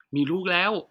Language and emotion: Thai, happy